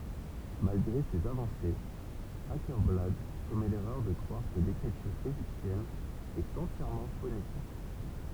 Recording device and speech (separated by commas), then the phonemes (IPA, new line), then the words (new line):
temple vibration pickup, read sentence
malɡʁe sez avɑ̃sez akɛʁblad kɔmɛ lɛʁœʁ də kʁwaʁ kə lekʁityʁ eʒiptjɛn ɛt ɑ̃tjɛʁmɑ̃ fonetik
Malgré ses avancées, Åkerblad commet l'erreur de croire que l'écriture égyptienne est entièrement phonétique.